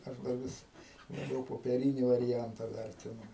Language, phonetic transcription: Lithuanian, ˈaš da ˈvis laˈbiau popeˈryni variˈjanta ˈvertinu

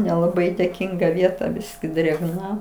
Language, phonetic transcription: Lithuanian, nelaˈbai dėˈkinga ˈvieta ˈbiski drėgˈna

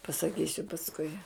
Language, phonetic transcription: Lithuanian, pasaˈkysiu pasˈkui

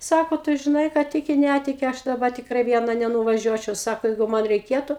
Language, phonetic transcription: Lithuanian, ˈsako ˈtu žiˈnai ką ˈtiki ˈnætiki ˈaš daˈba tikˈrai ˈviena nenuvaˈžiuočiau ˈsako ˈjeigu man reiˈkėtu

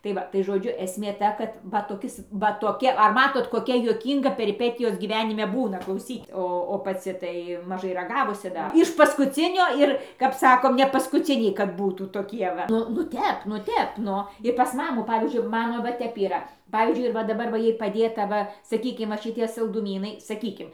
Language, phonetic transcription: Lithuanian, tai ˈva tai žoˈdžiu esˈmė ˈta kad ˈva toˈkis va toˈki ar ˈmatot koˈkia juoˈkynga periˈpetijos gyˈvenime ˈbūna klauˈsyt' ˈo o paˈci tai maˈžai raˈgavusi ˈdar iš paˈskucinio ˈir kap ˈsakom ne paskuˈciniai kad ˈbūtų toˈkie va ˈnu nu ˈtep nu ˈtep ˈnu ir pas ˈmamų ˈpavyzdžiui ˈmano va ˈtep yˈra ˈpavyzdžiui ir va daˈbar va ˈjai paˈdėta ˈva saˈkykim va šiˈtie salduˈmynai saˈkykim

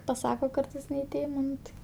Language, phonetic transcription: Lithuanian, paˈsako ˈkartais ne i ˈtėmo ˈnu tai

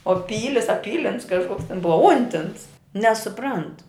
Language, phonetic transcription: Lithuanian, o ˈpylis a ˈpylins kažˈkoks ten ˈbuva ˈuntins nesuˈprant

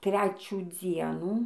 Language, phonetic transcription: Lithuanian, ˈtrečių ˈdzienų

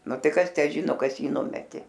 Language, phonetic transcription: Lithuanian, ˈnu ˈtai ˈkas ˈtę ˈžino ˈkas ˈjį ˈnumetė

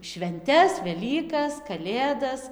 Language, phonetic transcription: Lithuanian, švenˈtes veˈlykas kaˈlėdas

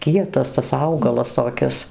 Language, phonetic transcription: Lithuanian, ˈkietas tas ˈaugalas toˈkis

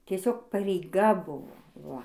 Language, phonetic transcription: Lithuanian, tieˈsiog pareiˈga ˈbuvo ˈva

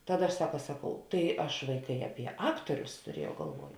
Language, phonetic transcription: Lithuanian, ˈtaˌda aš ˈsaka ˈsaˌkau tai ˈaš ˈvaiˌkai aˈpie ˈaktorius tuˈriejau galˈvuoj

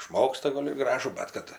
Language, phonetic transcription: Lithuanian, išˈmoksta ˈgol' ir ˈgražų ˈbet kad

